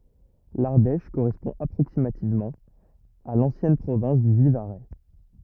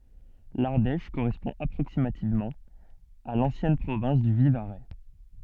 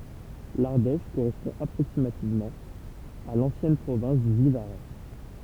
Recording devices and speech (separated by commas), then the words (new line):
rigid in-ear microphone, soft in-ear microphone, temple vibration pickup, read sentence
L'Ardèche correspond approximativement à l'ancienne province du Vivarais.